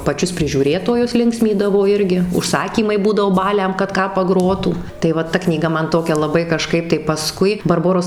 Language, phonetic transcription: Lithuanian, paˈčius prižiūˈrėtojus ˈlinksmydavo ˈirgi užˈsakymai ˈbūdavo ˈbaliam kad ˈką paˈgrotų tai ˈva ta knyˈga ˈman ˈtokia laˈbai kaˈžkaip tai paˈskui barˈboros

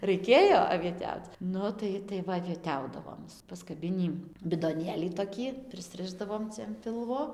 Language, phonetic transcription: Lithuanian, raiˈkėjo avieˈtiauc ˈnu tai tai ˈva avieˈtiaudavom paskaˈbinį bidoˈnėlį toˈkį prisˈrišdavom ˈcia an ˈpilvo

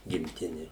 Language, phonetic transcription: Lithuanian, gimˈtini

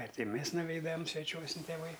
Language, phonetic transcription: Lithuanian, ˈar ˈti ˈmes nuˈveidam sveˈčiuosin tėˈvai

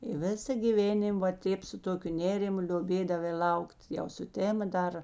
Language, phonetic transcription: Lithuanian, i ˈvisa gyˈvėnim va ˈtėp su ˈtokiu ˈnėrimu lioˈbėdavai ˈlaukt jau suˈtema ˈdar

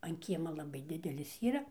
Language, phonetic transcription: Lithuanian, an ˈkiema laˈbai ˈdidelis ˈyra

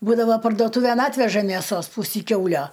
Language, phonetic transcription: Lithuanian, ˈbūdava parduoˈtūvėn ˈatveža mėˈsos ˈpusį ˈkiaulio

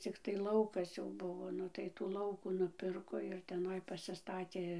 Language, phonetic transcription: Lithuanian, cikˈtai ˈlaukas jau ˈbuvo ˈnu tai tų ˈlaukų nuˈpirko ir teˈnai pasiˈstatė

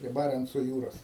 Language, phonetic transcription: Lithuanian, prie ˈbarenco ˈjūros

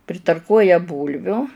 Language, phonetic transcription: Lithuanian, pritarˈkuoja ˈbūlviu

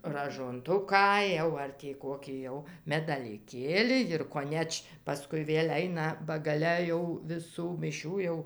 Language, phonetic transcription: Lithuanian, ražonˈtuką jau ˈar tį ˈkokį jau medaliˈkėli jir koˈneč paˈskui ˈvėl' ˈaina ba gaˈle jau viˈsų miˈšių jau

